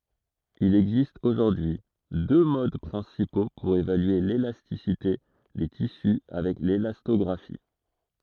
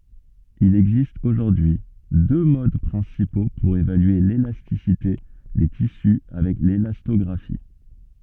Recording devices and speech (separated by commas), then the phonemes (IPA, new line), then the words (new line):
throat microphone, soft in-ear microphone, read sentence
il ɛɡzist oʒuʁdyi y dø mod pʁɛ̃sipo puʁ evalye lelastisite de tisy avɛk lelastɔɡʁafi
Il existe aujourd'hui deux modes principaux pour évaluer l'élasticité des tissus avec l'élastographie.